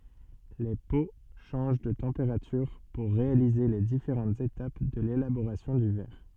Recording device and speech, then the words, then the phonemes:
soft in-ear microphone, read sentence
Les pots changent de température pour réaliser les différentes étapes de l'élaboration du verre.
le po ʃɑ̃ʒ də tɑ̃peʁatyʁ puʁ ʁealize le difeʁɑ̃tz etap də lelaboʁasjɔ̃ dy vɛʁ

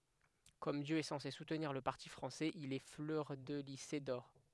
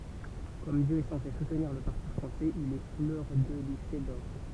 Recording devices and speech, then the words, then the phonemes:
headset microphone, temple vibration pickup, read sentence
Comme Dieu est censé soutenir le parti français, il est fleurdelysé d'or.
kɔm djø ɛ sɑ̃se sutniʁ lə paʁti fʁɑ̃sɛz il ɛ flœʁdəlize dɔʁ

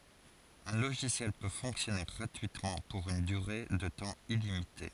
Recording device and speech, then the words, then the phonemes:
forehead accelerometer, read sentence
Un logiciel peut fonctionner gratuitement pour une durée de temps illimité.
œ̃ loʒisjɛl pø fɔ̃ksjɔne ɡʁatyitmɑ̃ puʁ yn dyʁe də tɑ̃ ilimite

